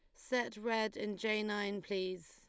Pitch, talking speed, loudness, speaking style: 210 Hz, 170 wpm, -37 LUFS, Lombard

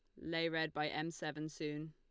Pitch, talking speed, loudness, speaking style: 155 Hz, 210 wpm, -40 LUFS, Lombard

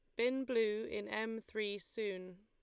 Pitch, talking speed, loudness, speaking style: 220 Hz, 160 wpm, -39 LUFS, Lombard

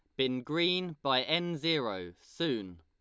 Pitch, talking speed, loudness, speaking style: 135 Hz, 140 wpm, -32 LUFS, Lombard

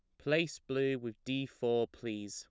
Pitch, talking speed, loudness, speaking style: 130 Hz, 170 wpm, -36 LUFS, plain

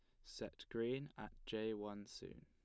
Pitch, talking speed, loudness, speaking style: 110 Hz, 165 wpm, -47 LUFS, plain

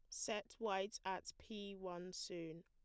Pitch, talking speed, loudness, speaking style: 190 Hz, 145 wpm, -47 LUFS, plain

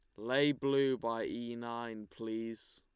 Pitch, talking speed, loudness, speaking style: 120 Hz, 140 wpm, -36 LUFS, Lombard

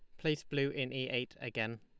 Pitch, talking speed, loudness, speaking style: 130 Hz, 225 wpm, -37 LUFS, Lombard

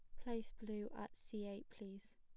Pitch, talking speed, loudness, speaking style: 210 Hz, 185 wpm, -50 LUFS, plain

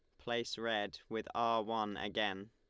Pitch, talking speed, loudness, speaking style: 110 Hz, 155 wpm, -38 LUFS, Lombard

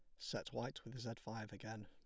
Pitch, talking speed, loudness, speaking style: 110 Hz, 215 wpm, -48 LUFS, plain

